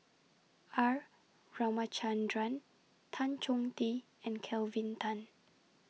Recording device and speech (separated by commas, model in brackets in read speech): mobile phone (iPhone 6), read sentence